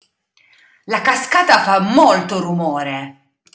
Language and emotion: Italian, angry